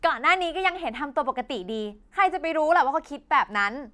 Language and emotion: Thai, angry